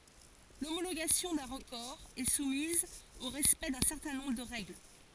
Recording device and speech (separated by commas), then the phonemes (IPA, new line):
forehead accelerometer, read sentence
lomoloɡasjɔ̃ dœ̃ ʁəkɔʁ ɛ sumiz o ʁɛspɛkt dœ̃ sɛʁtɛ̃ nɔ̃bʁ də ʁɛɡl